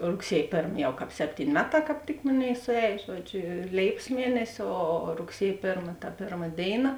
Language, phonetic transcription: Lithuanian, rugˈsiej ˈpėrm ˈjau ˈkāp ˈseptyn' ˈmeˌtā kāp ˈtik ˈmoˌnėi suˈēj ˈžuodˌžio ˈlėipas ˈmienesi ˈo rugˈsiej ˈpėrma ta ˈpėrma ˈdėiˌna

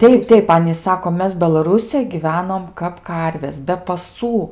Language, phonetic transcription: Lithuanian, ˈteip ˈteip ˈanys ˈsako ˈmes belaˈrūsijoj gyˈvenom kap ˈkarvės be paˈsų

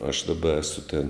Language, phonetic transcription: Lithuanian, aš daˈba ˈesu tėn

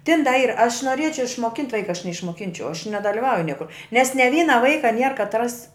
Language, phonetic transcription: Lithuanian, tin da ˈyr aš noˈriečiau išmoˈkint' ˈvaika neišmoˈkinčiau aš nedaliˈvauju ˈniekur nes ne ˈvyna ˈvaika nier katˈras

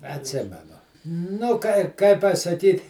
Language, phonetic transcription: Lithuanian, atˈsimenu nu ˈkai ˈkai pasaˈkyt

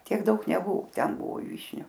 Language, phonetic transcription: Lithuanian, ˈtiek ˈdaug neˈbuvu ˈten ˈbuvo ˈvyšniu

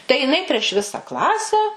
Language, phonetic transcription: Lithuanian, tai jiˈnai prieš ˈvisa ˈklase

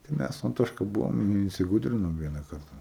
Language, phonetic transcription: Lithuanian, tai ˈmæs su anˈtoška ˈbuvom in insiˈgūdrinom ˈviena ˈkarta

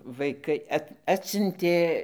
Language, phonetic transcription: Lithuanian, vaiˈkai ˈat ˈatsiuntė

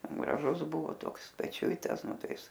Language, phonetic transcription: Lithuanian, graˈžusˈbuvo ˈtoks peˈčiuitas ˈnu ˈtai ˈis

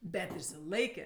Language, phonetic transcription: Lithuanian, ˈbet išsiˈlaikė

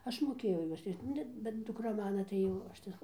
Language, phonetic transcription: Lithuanian, ˈaš moˈkėjau ˈjuos ˈrišč ˈnu bet duˈkra ˈmana tai ˈjau ˈaš tai

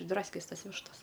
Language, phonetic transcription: Lithuanian, išˈdraskes ˈtas ˈvištas

